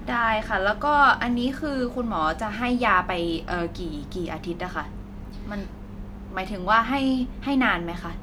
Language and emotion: Thai, neutral